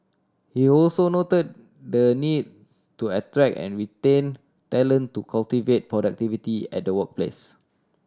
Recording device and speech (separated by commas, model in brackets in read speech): standing microphone (AKG C214), read sentence